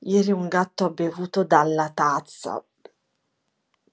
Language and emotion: Italian, disgusted